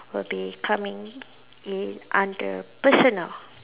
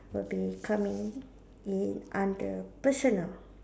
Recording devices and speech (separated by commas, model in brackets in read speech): telephone, standing microphone, conversation in separate rooms